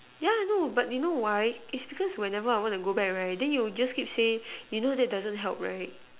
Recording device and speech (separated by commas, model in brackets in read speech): telephone, conversation in separate rooms